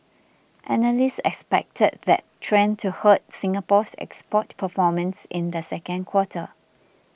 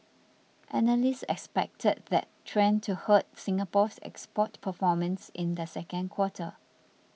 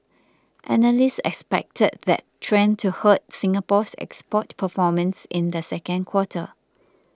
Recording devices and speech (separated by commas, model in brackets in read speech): boundary microphone (BM630), mobile phone (iPhone 6), close-talking microphone (WH20), read sentence